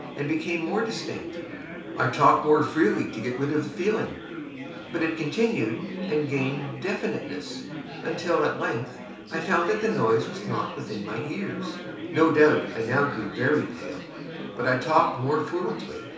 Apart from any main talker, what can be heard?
Crowd babble.